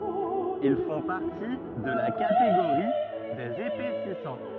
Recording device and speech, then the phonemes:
rigid in-ear microphone, read sentence
il fɔ̃ paʁti də la kateɡoʁi dez epɛsisɑ̃

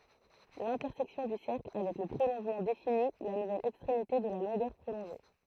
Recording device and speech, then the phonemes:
throat microphone, read sentence
lɛ̃tɛʁsɛksjɔ̃ dy sɛʁkl avɛk lə pʁolɔ̃ʒmɑ̃ defini la nuvɛl ɛkstʁemite də la lɔ̃ɡœʁ pʁolɔ̃ʒe

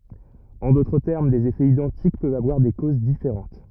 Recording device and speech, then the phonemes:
rigid in-ear microphone, read sentence
ɑ̃ dotʁ tɛʁm dez efɛz idɑ̃tik pøvt avwaʁ de koz difeʁɑ̃t

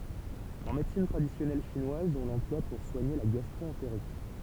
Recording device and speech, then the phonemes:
temple vibration pickup, read sentence
ɑ̃ medəsin tʁadisjɔnɛl ʃinwaz ɔ̃ lɑ̃plwa puʁ swaɲe la ɡastʁoɑ̃teʁit

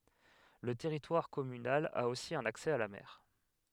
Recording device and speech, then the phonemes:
headset microphone, read sentence
lə tɛʁitwaʁ kɔmynal a osi œ̃n aksɛ a la mɛʁ

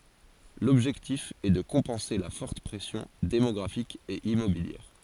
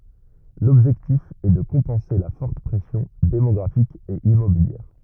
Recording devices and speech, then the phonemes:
forehead accelerometer, rigid in-ear microphone, read sentence
lɔbʒɛktif ɛ də kɔ̃pɑ̃se la fɔʁt pʁɛsjɔ̃ demɔɡʁafik e immobiljɛʁ

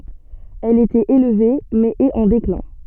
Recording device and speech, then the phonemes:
soft in-ear microphone, read sentence
ɛl etɛt elve mɛz ɛt ɑ̃ deklɛ̃

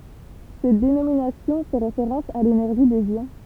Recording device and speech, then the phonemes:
temple vibration pickup, read sentence
sɛt denominasjɔ̃ fɛ ʁefeʁɑ̃s a lenɛʁʒi dez jɔ̃

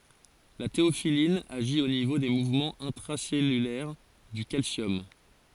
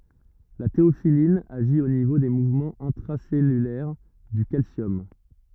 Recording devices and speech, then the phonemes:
forehead accelerometer, rigid in-ear microphone, read sentence
la teofilin aʒi o nivo de muvmɑ̃z ɛ̃tʁasɛlylɛʁ dy kalsjɔm

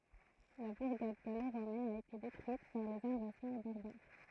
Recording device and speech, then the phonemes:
throat microphone, read sentence
la buʁɡad ɡaloʁomɛn a ete detʁyit paʁ lez ɛ̃vazjɔ̃ baʁbaʁ

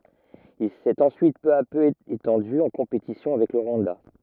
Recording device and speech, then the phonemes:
rigid in-ear microphone, read sentence
il sɛt ɑ̃syit pø a pø etɑ̃dy ɑ̃ kɔ̃petisjɔ̃ avɛk lə ʁwɑ̃da

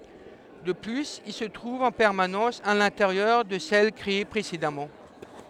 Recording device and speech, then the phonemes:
headset microphone, read sentence
də plyz il sə tʁuv ɑ̃ pɛʁmanɑ̃s a lɛ̃teʁjœʁ də sɛl kʁee pʁesedamɑ̃

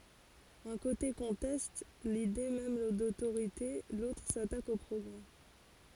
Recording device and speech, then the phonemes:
forehead accelerometer, read sentence
œ̃ kote kɔ̃tɛst lide mɛm dotoʁite lotʁ satak o pʁɔɡʁɛ

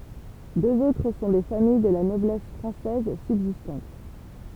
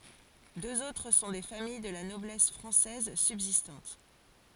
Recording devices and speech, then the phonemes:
temple vibration pickup, forehead accelerometer, read sentence
døz otʁ sɔ̃ de famij də la nɔblɛs fʁɑ̃sɛz sybzistɑ̃t

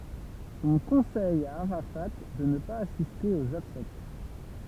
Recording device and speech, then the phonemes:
temple vibration pickup, read sentence
ɔ̃ kɔ̃sɛj a aʁafa də nə paz asiste oz ɔbsɛk

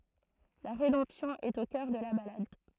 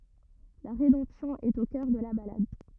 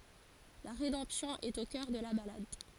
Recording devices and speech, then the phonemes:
throat microphone, rigid in-ear microphone, forehead accelerometer, read sentence
la ʁedɑ̃psjɔ̃ ɛt o kœʁ də la balad

